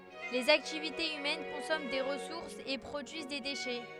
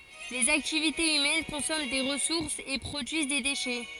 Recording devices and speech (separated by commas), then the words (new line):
headset microphone, forehead accelerometer, read sentence
Les activités humaines consomment des ressources et produisent des déchets.